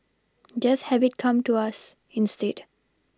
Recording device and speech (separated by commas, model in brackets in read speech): standing microphone (AKG C214), read sentence